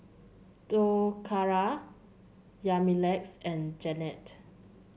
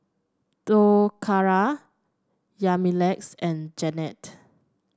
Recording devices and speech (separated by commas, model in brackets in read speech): mobile phone (Samsung C7), standing microphone (AKG C214), read sentence